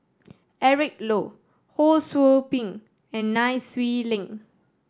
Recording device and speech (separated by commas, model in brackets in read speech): standing microphone (AKG C214), read sentence